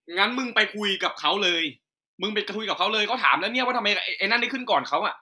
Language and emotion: Thai, angry